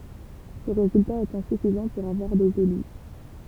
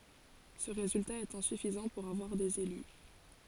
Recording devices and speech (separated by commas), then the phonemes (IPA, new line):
temple vibration pickup, forehead accelerometer, read sentence
sə ʁezylta ɛt ɛ̃syfizɑ̃ puʁ avwaʁ dez ely